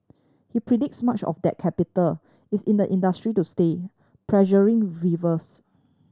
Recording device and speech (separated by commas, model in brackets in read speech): standing microphone (AKG C214), read sentence